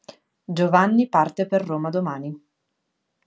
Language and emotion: Italian, neutral